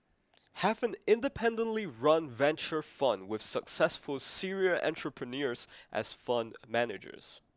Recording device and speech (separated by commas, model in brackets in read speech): close-talking microphone (WH20), read sentence